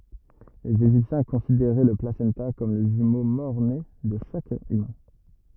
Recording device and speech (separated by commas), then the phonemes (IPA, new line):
rigid in-ear microphone, read sentence
lez eʒiptjɛ̃ kɔ̃sideʁɛ lə plasɑ̃ta kɔm lə ʒymo mɔʁne də ʃak ymɛ̃